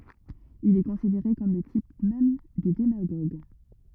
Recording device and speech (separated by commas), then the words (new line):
rigid in-ear microphone, read sentence
Il est considéré comme le type même du démagogue.